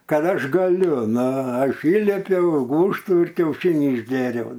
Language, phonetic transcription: Lithuanian, ˈkad ˈaš gaˈliu ˈnu ˈaš ˈįlipiau i ˈgūžtų ir kiauˈšinį išˈgėriau

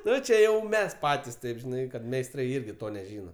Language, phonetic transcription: Lithuanian, ˈnu čia ˈjau ˈmes ˈpatis ˈtaip žiˈnai kad meisˈtrai ˈirgi ˈto neˈžyna

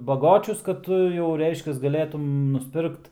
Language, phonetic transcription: Lithuanian, baˈgočius kad ˈtu jau ˈreiškias gaˈlėtum nusˈpirkt

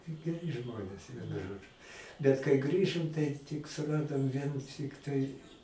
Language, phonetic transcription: Lithuanian, geˈri ˈžmonės ˈvienu ˈžodžu bet kai ˈgrįžom tai tik suˈradom ˈvien ˈtiktai

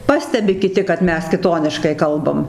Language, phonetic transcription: Lithuanian, ˈpastebi kiˈti kad ˈmes kiˈtoniškai ˈkalbam

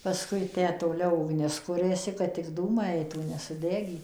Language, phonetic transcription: Lithuanian, paˈskui ˈtę toˈliau ugˈnis ˈkuriasi kad tik ˈdūmai ˈaitų nesuˈdegy

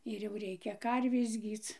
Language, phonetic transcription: Lithuanian, ir jau ˈreikia ˈkarvės ˈgyc

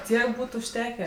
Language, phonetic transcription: Lithuanian, ˈtiek ˈbūt užˈtekę

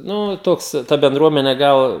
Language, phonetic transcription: Lithuanian, ˈnu ˈtoks ˈta benˈdruomene ˈgal

